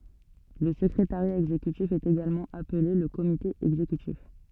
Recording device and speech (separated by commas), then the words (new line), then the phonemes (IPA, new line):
soft in-ear microphone, read sentence
Le secrétariat exécutif est également appelé le Comité exécutif.
lə səkʁetaʁja ɛɡzekytif ɛt eɡalmɑ̃ aple lə komite ɛɡzekytif